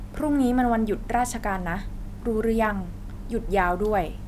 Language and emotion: Thai, neutral